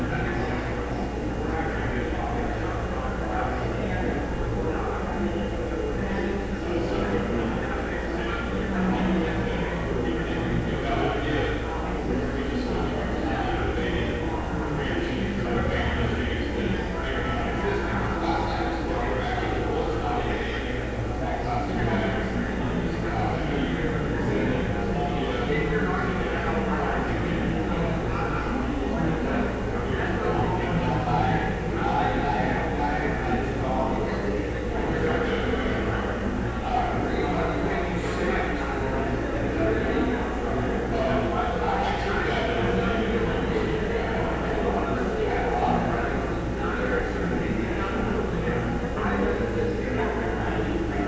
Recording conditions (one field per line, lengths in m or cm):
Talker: no one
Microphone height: 97 cm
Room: very reverberant, large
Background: babble